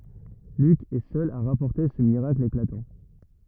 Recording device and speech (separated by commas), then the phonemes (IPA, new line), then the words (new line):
rigid in-ear microphone, read sentence
lyk ɛ sœl a ʁapɔʁte sə miʁakl eklatɑ̃
Luc est seul à rapporter ce miracle éclatant.